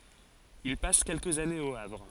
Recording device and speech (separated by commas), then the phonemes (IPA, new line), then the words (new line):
forehead accelerometer, read sentence
il pas kɛlkəz anez o avʁ
Il passe quelques années au Havre.